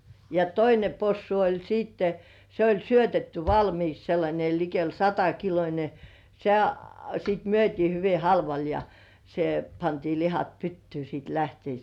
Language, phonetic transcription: Finnish, ja "toine 'possu oĺ siitte , se oĺ 'syötetty "valmiiks sellańe likel 'satakilońe se , sìt myöt́ii 'hyvi "halval ja , se pantii 'lihat "pyttyy sìt lähteis .
- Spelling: ja toinen possu oli sitten se oli syötetty valmiiksi sellainen likelle satakiloinen se sitten myytiin hyvin halvalla ja se pantiin lihat pyttyyn sitten lähtiessä

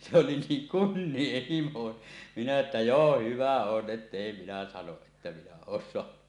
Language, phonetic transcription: Finnish, se oli 'niiŋ "kunnieh 'himo , minä että » "joo 'hyvä 'on 'ˀettèi minä sanoˀ 'ˀettä 'minä 'oon soanu « .
- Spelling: se oli niin kunnian himo minä että joo hyvä on että ei minä sano että minä olen saanut

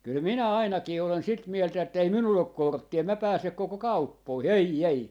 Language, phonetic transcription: Finnish, kyl "minä "ainakii olen "sit 'mieltä ettei 'minull ‿ok "kortti₍a em mä 'pääsek 'koko "kauppoihi , "ei 'ei .
- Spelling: kyllä minä ainakin olen sitä mieltä että ei minulla ole korttia en minä pääse koko kauppoihin ei ei

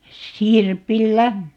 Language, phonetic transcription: Finnish, 'sirpil"lä .
- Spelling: sirpillä

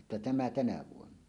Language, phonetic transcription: Finnish, jotta "tämä 'tänä vuonna .
- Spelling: jotta tämä tänä vuonna

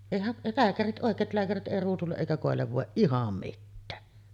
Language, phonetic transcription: Finnish, 'èihä’ , 'lääkärit '’òek̆keet lääkärit ’èi ruusulle’ ’èikä kòellev vòeˀ "ˀiham 'mittää .
- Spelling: eihän lääkärit oikein lääkärit ei ruusulle eikä koille voi ihan mitään

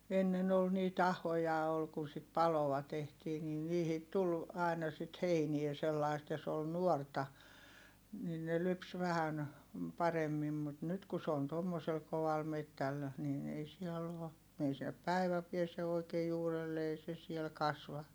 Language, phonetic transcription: Finnish, ennen ‿ol niit ‿ahoja ol kun sit paloa tehtii nin niihit tul , ài̮na sit heiniɛ sellaist ja s ‿ol nuorta , nin ne lyps vähän , paremmim mut nyt ku s ‿oon tommosel koval mettäl , niin ei siɛll ‿oo , ei sinnep päi̮vä piese oikee juurelle ei se siel kasva .
- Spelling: ennen oli niitä ahoja oli kun sitä paloa tehtiin niin niihin tuli aina sitten heinää sellaista ja se oli nuorta niin ne lypsi vähän paremmin mutta nyt kun se on tuommoisella kovalla metsällä niin ei siellä ole ei sinne päivä pääse oikein juurelle ei se siellä kasva

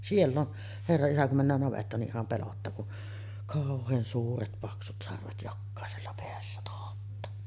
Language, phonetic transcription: Finnish, "siell ‿on , 'herra isä kum männään navettaan ni’ ’iham 'pelottaa kun , "kàoh̆heen 'suuret 'paksut sarvet 'jokkàesella peässä tohottaa .
- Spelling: siellä on herra isä kun mennään navettaan niin ihan pelottaa kun kauhean suuret paksut sarvet jokaisella päässä tohottaa

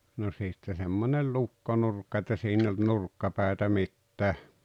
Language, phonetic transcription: Finnish, no 'sitte semmońel "lukkonurkka että 'siin ‿eⁱ olt "nurkkapä̀etä "mittää .
- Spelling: no sitten semmoinen lukkonurkka että siinä ei ollut nurkkapäätä mitään

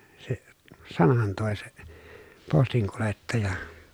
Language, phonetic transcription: Finnish, se , sanan tòe se , postiŋkulettaja .
- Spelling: se sanan toi se postinkuljettaja

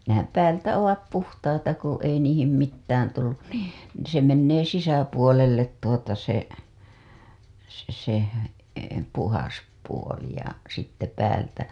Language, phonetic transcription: Finnish, nehäm "päältä "ovat 'puhtaita ku ei niihim mittään tullun nii , se mennee 'sisäpuolellet tuota se , se se , 'puhas puoli ja , sitte päältä .
- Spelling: nehän päältä ovat puhtaita kun ei niihin mitään tullut niin se menee sisäpuolelle tuota se se se puhdas puoli ja sitten päältä

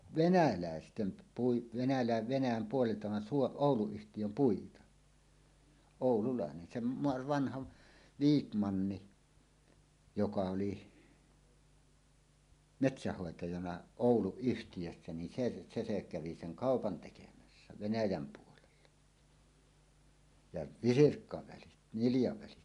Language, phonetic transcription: Finnish, venälä̀estem p- pui- , venälä̀e- "Venäjäm 'puolelta van suo- , "Òulu₍yhtijöm 'puita , "òululàenen sem m- 'vanhav , "Viik'manni , 'joka oli , "metsähhòetajana "Òulu₍yhtijössä ni 'se , "se se 'kävi 'seŋ "kàopan tekemässä 'Venäjäm puolella , ja "visirkkavälit , 'niljavälit .
- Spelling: venäläisten - puita - Venäjän puolelta vaan - Ouluyhtiön puita oululainen sen - vanhan Viikmannin joka oli metsänhoitajana Ouluyhtiössä niin se se se kävi sen kaupan tekemässä Venäjän puolella ja visirkkavälit niljavälit

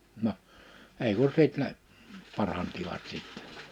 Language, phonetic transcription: Finnish, no , 'èi ku 'sit ne , 'parantivat sìttɛ .
- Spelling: no ei kun sitten ne paransivat sitten

